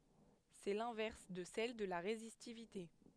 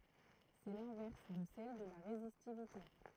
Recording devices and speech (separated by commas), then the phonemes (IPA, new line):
headset microphone, throat microphone, read sentence
sɛ lɛ̃vɛʁs də sɛl də la ʁezistivite